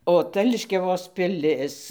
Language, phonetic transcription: Lithuanian, o ˈta liškiaˈvos piˈlis

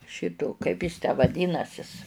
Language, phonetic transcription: Lithuanian, ˈšito ˈkaip jis tę vaˈdynasis

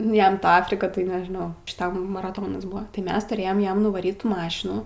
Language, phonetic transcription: Lithuanian, ˈjam ˈta ˈafrika tai nežiˈnau šiˈtam maraˈtonas ˈbuva tai ˈmes turˈėjam ˈjam nuvaˈryt ˈtų ˈmašinų

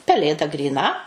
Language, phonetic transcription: Lithuanian, peˈlėda gryˈna

